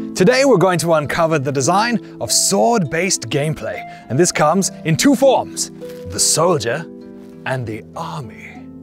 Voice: knightly voice